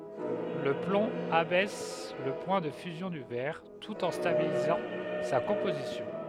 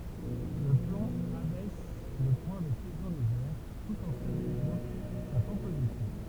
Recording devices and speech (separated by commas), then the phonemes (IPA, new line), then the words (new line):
headset microphone, temple vibration pickup, read sentence
lə plɔ̃ abɛs lə pwɛ̃ də fyzjɔ̃ dy vɛʁ tut ɑ̃ stabilizɑ̃ sa kɔ̃pozisjɔ̃
Le plomb abaisse le point de fusion du verre, tout en stabilisant sa composition.